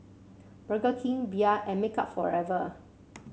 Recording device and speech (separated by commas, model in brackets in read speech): mobile phone (Samsung C7), read sentence